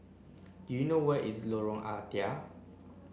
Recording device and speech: boundary microphone (BM630), read sentence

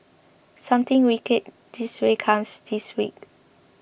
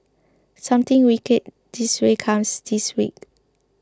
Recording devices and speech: boundary microphone (BM630), close-talking microphone (WH20), read sentence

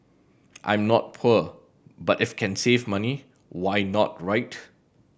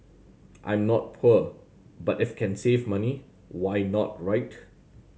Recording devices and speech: boundary microphone (BM630), mobile phone (Samsung C7100), read sentence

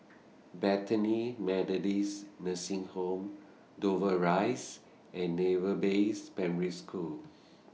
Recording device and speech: mobile phone (iPhone 6), read sentence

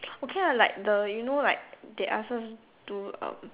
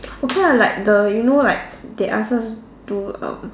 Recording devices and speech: telephone, standing microphone, conversation in separate rooms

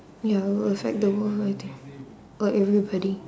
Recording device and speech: standing microphone, conversation in separate rooms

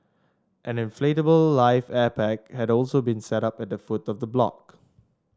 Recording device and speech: standing microphone (AKG C214), read sentence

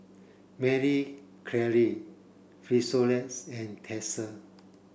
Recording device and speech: boundary microphone (BM630), read sentence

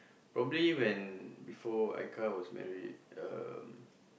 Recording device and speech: boundary microphone, conversation in the same room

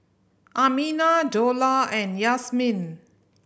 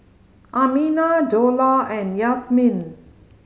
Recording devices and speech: boundary microphone (BM630), mobile phone (Samsung C5010), read sentence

